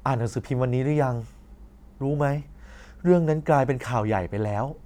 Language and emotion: Thai, frustrated